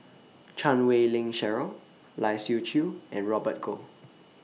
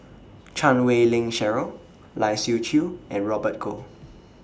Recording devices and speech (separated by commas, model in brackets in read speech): mobile phone (iPhone 6), standing microphone (AKG C214), read sentence